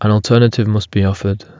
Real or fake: real